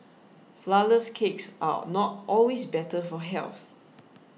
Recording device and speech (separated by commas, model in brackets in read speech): mobile phone (iPhone 6), read sentence